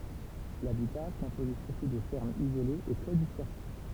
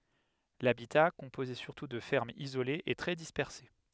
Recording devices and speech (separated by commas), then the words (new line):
temple vibration pickup, headset microphone, read sentence
L'habitat, composé surtout de fermes isolées, est très dispersé.